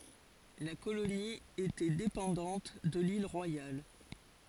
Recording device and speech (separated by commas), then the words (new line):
forehead accelerometer, read sentence
La colonie était dépendante de l'Île Royale.